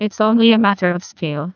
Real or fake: fake